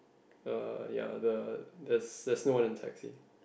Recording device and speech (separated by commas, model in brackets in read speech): boundary microphone, conversation in the same room